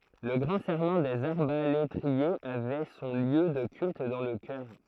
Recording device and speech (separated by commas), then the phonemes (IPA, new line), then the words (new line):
throat microphone, read sentence
lə ɡʁɑ̃ sɛʁmɑ̃ dez aʁbaletʁiez avɛ sɔ̃ ljø də kylt dɑ̃ lə kœʁ
Le Grand Serment des arbalétriers avait son lieu de culte dans le chœur.